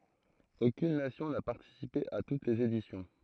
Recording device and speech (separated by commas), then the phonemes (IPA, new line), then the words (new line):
throat microphone, read sentence
okyn nasjɔ̃ na paʁtisipe a tut lez edisjɔ̃
Aucune nation n'a participé à toutes les éditions.